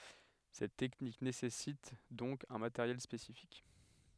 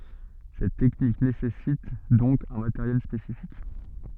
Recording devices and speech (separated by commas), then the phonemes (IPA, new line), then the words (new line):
headset microphone, soft in-ear microphone, read sentence
sɛt tɛknik nesɛsit dɔ̃k œ̃ mateʁjɛl spesifik
Cette technique nécessite donc un matériel spécifique.